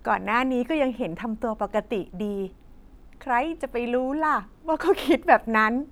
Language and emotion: Thai, happy